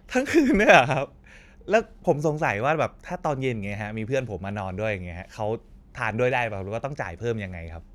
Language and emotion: Thai, happy